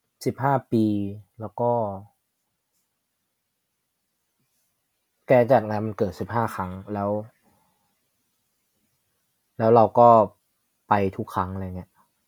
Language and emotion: Thai, frustrated